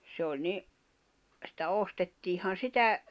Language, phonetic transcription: Finnish, se oĺ 'ni , sⁱtä 'ostettiihan̬ "sitä ,.
- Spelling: se oli niin sitä ostettiinhan sitä

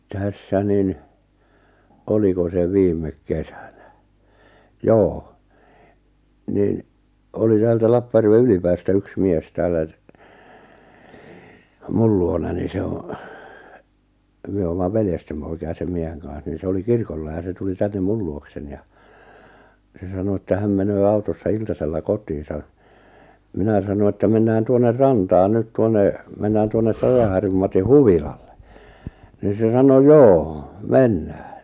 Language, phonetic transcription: Finnish, 'tässä 'nin , 'oliko se 'viim̀ek 'kesᴀ̈ɴᴀ̈ , 'joo , niⁿ , oli 'täältä 'Lappaʲärve "Ylipäästä 'yks "mies 'tääl̆lä t- , 'mul luonani 'se o , 'myö oomma 'veljestem poi̬ki₍a sem 'mieheŋ kaaa̰s nin̬ 'se oli "kirkolla ja se tuli 'tännem "mul luoksen(i) ja , 'se sano että 'häm menöö 'autossa 'iltasella 'kot̀iisa , 'minä sano että 'mennään "tuonner 'rantaan "nyt 'tuonne , 'mennään 'tuonnep 'Pajaharjum 'Mati "huvilalle , nì 'se 'sano » "joo , "mennᴀ̈ᴀ̈ « .
- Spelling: tässä niin oliko se viime kesänä joo niin oli täältä Lappajärven Ylipäästä yksi mies täällä - minun luonani se on me olemme veljesten poikia sen miehen kanssa niin se oli kirkolla ja se tuli tänne minun luokseni ja se sanoi että hän menee autossa iltasella kotiinsa minä sanoin että mennään tuonne rantaan nyt tuonne mennään tuonne Pajaharjun Matin huvilalle niin se sanoi joo mennään

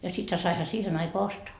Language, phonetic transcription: Finnish, ja sithä saiha 'siihen aikoa "ostoa .
- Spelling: ja sittenhän saihan siihen aikaan ostaa

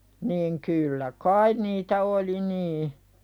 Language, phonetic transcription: Finnish, niiŋ kyllä "kain niitä oli 'nii .
- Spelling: niin kyllä kai niitä oli niin

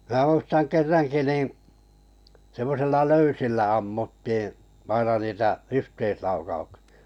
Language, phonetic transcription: Finnish, m̬ää muistaŋ 'kerraŋki nì , semmosilla "löysillä 'ammuttii , 'aina niitä "yhteislaukauksɪ₍ᴀ .
- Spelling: minä muistan kerrankin niin semmoisilla löysillä ammuttiin aina niitä yhteislaukauksia

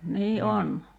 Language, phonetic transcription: Finnish, 'nii "on .
- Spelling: niin on

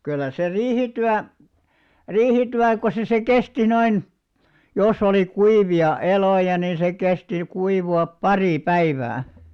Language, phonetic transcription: Finnish, kyllä se 'riihityä , "riihityä ko se se 'kesti noin , jos ‿oli 'kuivi₍a 'elòja nin̬ se 'kesti 'kuivu₍ap "parì "päivää .
- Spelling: kyllä se riihityö riihityö kun se se kesti noin jos oli kuivia eloja niin se kesti kuivua pari päivää

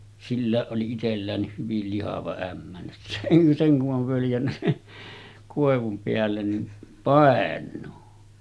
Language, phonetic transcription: Finnish, 'sillä̀eˀ ˀoli 'itelläänniih hyvil lihava 'ämmä seŋ ku’ ’ov völjännä siɴɴᴇ , 'kòevum peällen nin , 'pàen̆nuu .
- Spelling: silläkin oli itselläänkin hyvin lihava ämmä sen kun on völjännyt sinne koivun päälle niin painuu

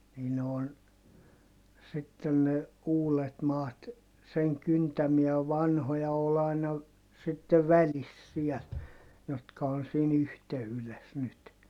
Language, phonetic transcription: Finnish, nii ne on , sitten ne , uulet maat , seŋ kyntämiä vanhoja ol ‿aina , sitte välis siɛl , jotka on̬ siin ‿yhte₍yles nyt .
- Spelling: niin ne on sitten ne uudet maat sen kyntämiä vanhoja oli aina sitten välissä siellä jotka on siinä yhteydessä nyt

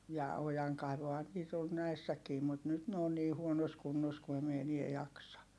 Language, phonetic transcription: Finnish, ja , ojaŋkaivohan nyt ‿on näissäkii mut nyt ne on nii huonos kunnos ku em mi enie jaksa .
- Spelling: ja ojankaivuuhan nyt on näissäkin mutta nyt ne on niin huonossa kunnossa kun en minä enää jaksa

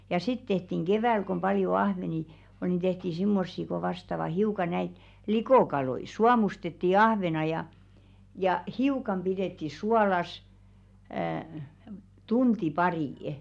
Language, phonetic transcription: Finnish, ja 'sit tehtiŋ "ɢevä̀l kom paljo 'ahveni , ol ni 'tehti "simmossi ko vastava 'hiuka näit , "likòkaloi , "suamustetti 'ahvena ja , ja "hiukam pidètti 'sualas , əə , "tunti 'parì ?.
- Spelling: ja sitten tehtiin keväällä kun paljon ahvenia oli niin tehtiin semmoisia kun vastaavat hiukan näitä likokaloja suomustettiin ahven ja ja hiukan pidettiin suolassa - tunti pari

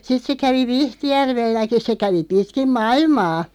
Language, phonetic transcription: Finnish, 'sit se 'kävi "Vihtijärvelläki se 'kävi 'pitkim "mailmaa .
- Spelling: sitten se kävi Vihtijärvelläkin se kävi pitkin maailmaa

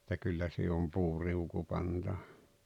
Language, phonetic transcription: Finnish, [et]tä 'kyllä siihe om "puuriuku 'pantava .
- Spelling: että kyllä siihen on puuriuku pantava

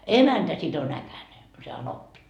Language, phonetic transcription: Finnish, "emäntä sit ‿on 'äkäne , se 'anoppi .
- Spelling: emäntä sitten on äkäinen se anoppi

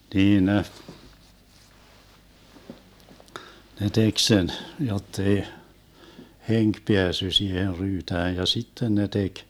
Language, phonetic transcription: Finnish, 'niin ne , ne 'tek sen , 'jottei , 'heŋk 'peässy 'siiher 'ryytääj ja 'sitten ne 'tek ,.
- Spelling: niin ne ne teki sen jotta ei henki päässyt siihen ryytään ja sitten ne teki

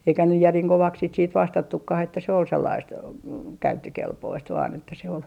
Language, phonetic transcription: Finnish, eikä nyj 'järiŋ "kovaks sit siit "vastattukkah että se ol 'sellaist , "käyttökelpoist vaan ‿että se ol ,.
- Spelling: eikä nyt järin kovaksi sitä sitten vastattukaan että se oli sellaista käyttökelpoista vain että se oli

